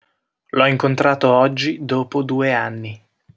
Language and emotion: Italian, neutral